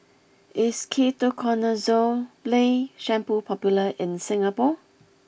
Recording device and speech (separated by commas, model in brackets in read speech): boundary microphone (BM630), read sentence